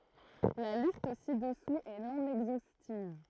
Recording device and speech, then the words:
throat microphone, read sentence
La liste ci-dessous est non exhaustive.

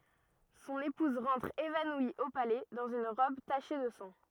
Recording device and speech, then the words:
rigid in-ear microphone, read sentence
Son épouse rentre évanouie au palais dans une robe tachée de sang.

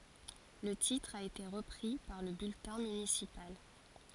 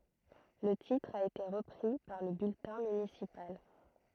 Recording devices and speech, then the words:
forehead accelerometer, throat microphone, read sentence
Le titre a été repris par le bulletin municipal.

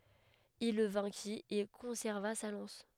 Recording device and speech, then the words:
headset microphone, read sentence
Il le vainquit et conserva sa lance.

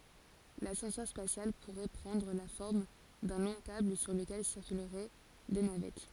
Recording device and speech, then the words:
forehead accelerometer, read sentence
L'ascenseur spatial pourrait prendre la forme d'un long câble sur lequel circuleraient des navettes.

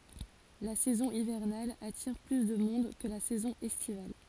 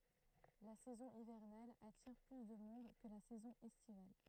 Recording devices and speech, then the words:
forehead accelerometer, throat microphone, read sentence
La saison hivernale attire plus de monde que la saison estivale.

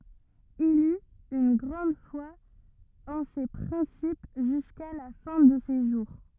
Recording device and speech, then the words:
rigid in-ear microphone, read sentence
Il eut une grande foi en ces principes jusqu'à la fin de ses jours.

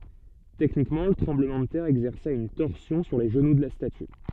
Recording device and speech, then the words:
soft in-ear microphone, read sentence
Techniquement, le tremblement de terre exerça une torsion sur les genoux de la statue.

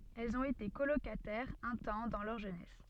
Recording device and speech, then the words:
soft in-ear microphone, read sentence
Elles ont été colocataires, un temps, dans leur jeunesse.

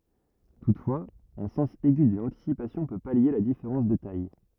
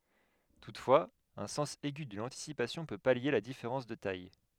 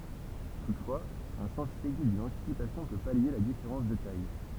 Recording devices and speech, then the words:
rigid in-ear microphone, headset microphone, temple vibration pickup, read sentence
Toutefois, un sens aigu de l'anticipation peut pallier la différence de taille.

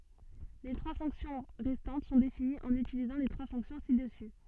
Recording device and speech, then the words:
soft in-ear microphone, read sentence
Les trois fonctions restantes sont définies en utilisant les trois fonctions ci-dessus.

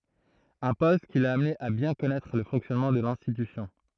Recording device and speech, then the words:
throat microphone, read sentence
Un poste qui l'a amené à bien connaître le fonctionnement de l'institution.

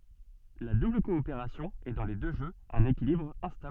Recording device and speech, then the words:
soft in-ear microphone, read sentence
La double coopération est dans les deux jeux un équilibre instable.

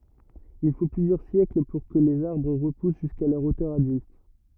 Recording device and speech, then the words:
rigid in-ear microphone, read sentence
Il faut plusieurs siècles pour que les arbres repoussent jusqu'à leur hauteur adulte.

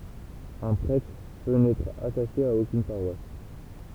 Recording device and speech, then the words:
temple vibration pickup, read sentence
Un prêtre peut n'être attaché à aucune paroisse.

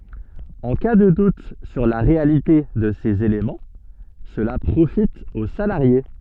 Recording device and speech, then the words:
soft in-ear microphone, read sentence
En cas de doute sur la réalité de ces éléments, cela profite au salarié.

